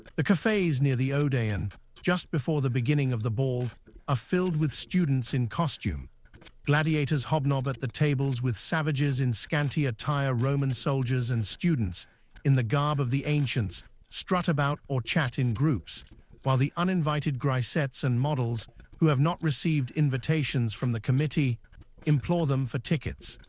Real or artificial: artificial